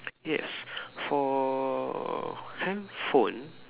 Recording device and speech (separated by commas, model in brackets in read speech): telephone, conversation in separate rooms